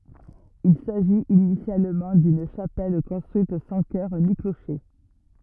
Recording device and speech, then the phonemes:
rigid in-ear microphone, read sentence
il saʒit inisjalmɑ̃ dyn ʃapɛl kɔ̃stʁyit sɑ̃ kœʁ ni kloʃe

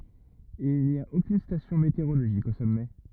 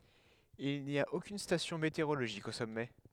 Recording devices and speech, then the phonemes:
rigid in-ear microphone, headset microphone, read sentence
il ni a okyn stasjɔ̃ meteoʁoloʒik o sɔmɛ

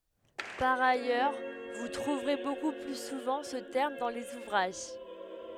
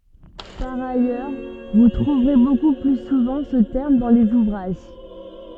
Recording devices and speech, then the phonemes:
headset microphone, soft in-ear microphone, read sentence
paʁ ajœʁ vu tʁuvʁe boku ply suvɑ̃ sə tɛʁm dɑ̃ lez uvʁaʒ

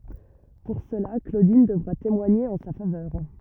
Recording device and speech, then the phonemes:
rigid in-ear microphone, read sentence
puʁ səla klodin dəvʁa temwaɲe ɑ̃ sa favœʁ

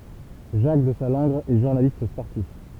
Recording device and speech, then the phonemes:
temple vibration pickup, read sentence
ʒak dəzalɑ̃ɡʁ ɛ ʒuʁnalist spɔʁtif

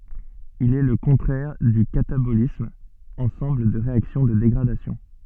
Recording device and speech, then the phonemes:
soft in-ear microphone, read sentence
il ɛ lə kɔ̃tʁɛʁ dy katabolism ɑ̃sɑ̃bl de ʁeaksjɔ̃ də deɡʁadasjɔ̃

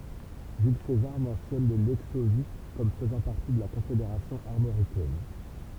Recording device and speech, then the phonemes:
temple vibration pickup, read sentence
ʒyl sezaʁ mɑ̃sjɔn le lɛksovji kɔm fəzɑ̃ paʁti də la kɔ̃fedeʁasjɔ̃ aʁmoʁikɛn

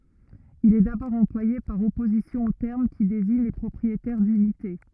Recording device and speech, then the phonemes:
rigid in-ear microphone, read sentence
il ɛ dabɔʁ ɑ̃plwaje paʁ ɔpozisjɔ̃ o tɛʁm ki deziɲ le pʁɔpʁietɛʁ dynite

